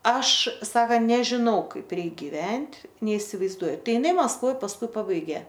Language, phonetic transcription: Lithuanian, ˈaš ˈsakant nežiˈnau ˈkaip ˈreik giˈvent' neisivaizˈduoju ˈtai iˈnai maskˈvoj pasˈkui ˈpabaigė

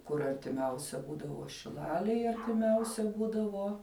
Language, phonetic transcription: Lithuanian, kur artiˈmiausia ˈbūdavo šiˈlalėj artiˈmiausia ˈbūdavo

